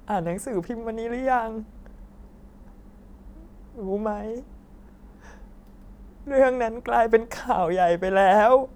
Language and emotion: Thai, sad